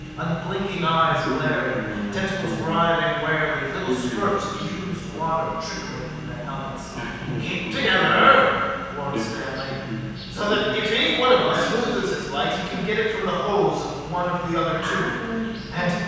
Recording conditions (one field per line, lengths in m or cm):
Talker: one person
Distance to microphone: 7.1 m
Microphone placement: far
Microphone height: 1.7 m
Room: very reverberant, large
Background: television